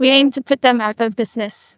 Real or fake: fake